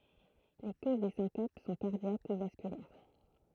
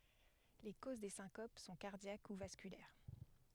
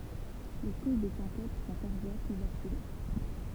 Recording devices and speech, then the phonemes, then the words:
throat microphone, headset microphone, temple vibration pickup, read sentence
le koz de sɛ̃kop sɔ̃ kaʁdjak u vaskylɛʁ
Les causes des syncopes sont cardiaques ou vasculaires.

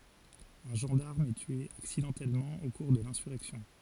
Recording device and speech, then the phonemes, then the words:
forehead accelerometer, read sentence
œ̃ ʒɑ̃daʁm ɛ tye aksidɑ̃tɛlmɑ̃ o kuʁ də lɛ̃syʁɛksjɔ̃
Un gendarme est tué accidentellement au cours de l’insurrection.

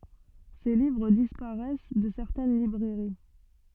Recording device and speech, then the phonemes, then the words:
soft in-ear microphone, read sentence
se livʁ dispaʁɛs də sɛʁtɛn libʁɛʁi
Ses livres disparaissent de certaines librairies.

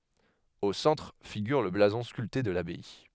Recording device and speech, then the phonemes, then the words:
headset microphone, read sentence
o sɑ̃tʁ fiɡyʁ lə blazɔ̃ skylte də labaj
Au centre figure le blason sculpté de l'abbaye.

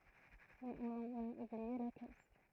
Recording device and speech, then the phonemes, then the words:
throat microphone, read sentence
mɛz ɔ̃n ɑ̃n a ublie la koz
Mais on en a oublié la cause.

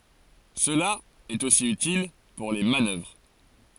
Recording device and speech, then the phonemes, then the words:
forehead accelerometer, read sentence
səla ɛt osi ytil puʁ le manœvʁ
Cela est aussi utile pour les manœuvres.

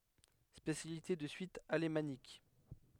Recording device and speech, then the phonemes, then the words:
headset microphone, read sentence
spesjalite də syis alemanik
Spécialité de Suisse alémanique.

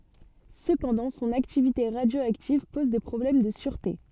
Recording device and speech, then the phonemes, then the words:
soft in-ear microphone, read sentence
səpɑ̃dɑ̃ sɔ̃n aktivite ʁadjoaktiv pɔz de pʁɔblɛm də syʁte
Cependant son activité radioactive pose des problèmes de sûreté.

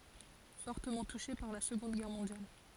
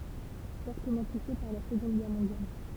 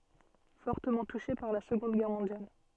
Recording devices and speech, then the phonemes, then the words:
forehead accelerometer, temple vibration pickup, soft in-ear microphone, read sentence
fɔʁtəmɑ̃ tuʃe paʁ la səɡɔ̃d ɡɛʁ mɔ̃djal
Fortement touchée par la Seconde Guerre mondiale.

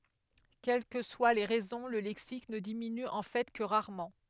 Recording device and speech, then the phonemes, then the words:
headset microphone, read sentence
kɛl kə swa le ʁɛzɔ̃ lə lɛksik nə diminy ɑ̃ fɛ kə ʁaʁmɑ̃
Quelles que soient les raisons, le lexique ne diminue en fait que rarement.

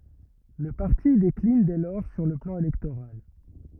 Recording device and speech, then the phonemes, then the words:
rigid in-ear microphone, read sentence
lə paʁti deklin dɛ lɔʁ syʁ lə plɑ̃ elɛktoʁal
Le parti décline dès lors sur le plan électoral.

